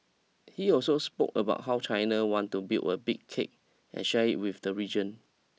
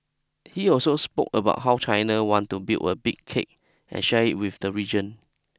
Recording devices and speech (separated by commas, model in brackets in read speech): mobile phone (iPhone 6), close-talking microphone (WH20), read sentence